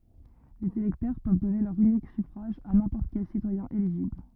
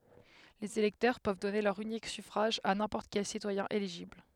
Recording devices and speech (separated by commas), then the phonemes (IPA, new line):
rigid in-ear microphone, headset microphone, read sentence
lez elɛktœʁ pøv dɔne lœʁ ynik syfʁaʒ a nɛ̃pɔʁt kɛl sitwajɛ̃ eliʒibl